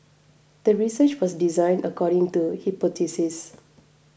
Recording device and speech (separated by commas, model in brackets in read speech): boundary microphone (BM630), read sentence